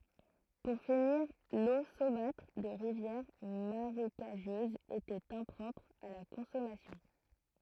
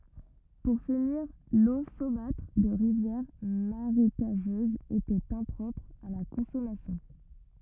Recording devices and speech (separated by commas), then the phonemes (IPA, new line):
throat microphone, rigid in-ear microphone, read sentence
puʁ finiʁ lo somatʁ də ʁivjɛʁ maʁekaʒøzz etɛt ɛ̃pʁɔpʁ a la kɔ̃sɔmasjɔ̃